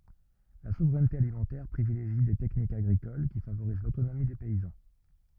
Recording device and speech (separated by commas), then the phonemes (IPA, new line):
rigid in-ear microphone, read sentence
la suvʁɛnte alimɑ̃tɛʁ pʁivileʒi de tɛknikz aɡʁikol ki favoʁiz lotonomi de pɛizɑ̃